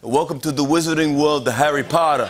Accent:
Brooklyn accent